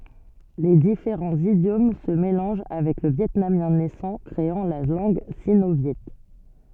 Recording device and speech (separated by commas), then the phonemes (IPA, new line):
soft in-ear microphone, read sentence
le difeʁɑ̃z idjom sə melɑ̃ʒ avɛk lə vjɛtnamjɛ̃ nɛsɑ̃ kʁeɑ̃ la lɑ̃ɡ sino vjɛ